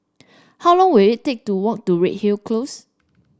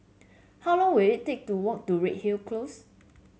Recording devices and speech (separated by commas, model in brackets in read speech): standing microphone (AKG C214), mobile phone (Samsung C7), read sentence